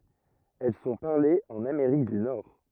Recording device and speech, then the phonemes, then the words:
rigid in-ear microphone, read sentence
ɛl sɔ̃ paʁlez ɑ̃n ameʁik dy nɔʁ
Elles sont parlées en Amérique du Nord.

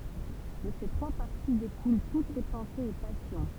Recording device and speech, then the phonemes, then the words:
temple vibration pickup, read sentence
də se tʁwa paʁti dekulɑ̃ tut le pɑ̃sez e pasjɔ̃
De ces trois parties découlent toutes les pensées et passions.

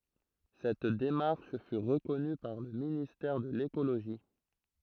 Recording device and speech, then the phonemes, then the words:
throat microphone, read sentence
sɛt demaʁʃ fy ʁəkɔny paʁ lə ministɛʁ də lekoloʒi
Cette démarche fut reconnue par le ministère de l’écologie.

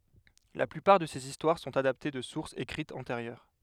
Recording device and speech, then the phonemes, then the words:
headset microphone, read sentence
la plypaʁ də sez istwaʁ sɔ̃t adapte də suʁsz ekʁitz ɑ̃teʁjœʁ
La plupart de ses histoires sont adaptées de sources écrites antérieures.

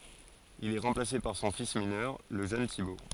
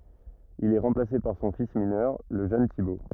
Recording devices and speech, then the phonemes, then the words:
forehead accelerometer, rigid in-ear microphone, read sentence
il ɛ ʁɑ̃plase paʁ sɔ̃ fis minœʁ lə ʒøn tibo
Il est remplacé par son fils mineur, le jeune Thibaut.

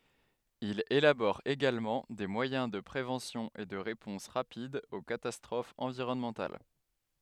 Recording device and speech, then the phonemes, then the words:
headset microphone, read sentence
il elabɔʁ eɡalmɑ̃ de mwajɛ̃ də pʁevɑ̃sjɔ̃z e də ʁepɔ̃s ʁapidz o katastʁofz ɑ̃viʁɔnmɑ̃tal
Il élabore également des moyens de préventions et de réponses rapides aux catastrophes environnementales.

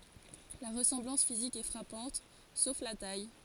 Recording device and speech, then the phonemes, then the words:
forehead accelerometer, read sentence
la ʁəsɑ̃blɑ̃s fizik ɛ fʁapɑ̃t sof la taj
La ressemblance physique est frappante, sauf la taille.

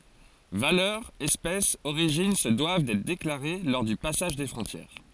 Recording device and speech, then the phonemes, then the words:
forehead accelerometer, read sentence
valœʁ ɛspɛs oʁiʒin sə dwav dɛtʁ deklaʁe lɔʁ dy pasaʒ de fʁɔ̃tjɛʁ
Valeur, espèce, origine se doivent d'être déclarées lors du passage des frontières.

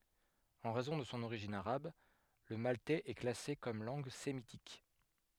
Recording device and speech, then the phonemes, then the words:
headset microphone, read sentence
ɑ̃ ʁɛzɔ̃ də sɔ̃ oʁiʒin aʁab lə maltɛz ɛ klase kɔm lɑ̃ɡ semitik
En raison de son origine arabe, le maltais est classé comme langue sémitique.

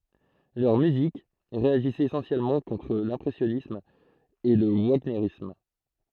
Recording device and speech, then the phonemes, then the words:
throat microphone, read sentence
lœʁ myzik ʁeaʒisɛt esɑ̃sjɛlmɑ̃ kɔ̃tʁ lɛ̃pʁɛsjɔnism e lə vaɲeʁism
Leur musique réagissait essentiellement contre l'impressionnisme et le wagnérisme.

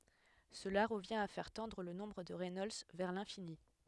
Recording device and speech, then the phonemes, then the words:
headset microphone, read sentence
səla ʁəvjɛ̃t a fɛʁ tɑ̃dʁ lə nɔ̃bʁ də ʁɛnɔlds vɛʁ lɛ̃fini
Cela revient à faire tendre le nombre de Reynolds vers l'infini.

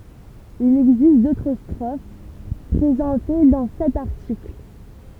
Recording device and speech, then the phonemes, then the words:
temple vibration pickup, read sentence
il ɛɡzist dotʁ stʁof pʁezɑ̃te dɑ̃ sɛt aʁtikl
Il existe d'autres strophes, présentées dans cet article.

